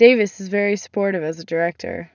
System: none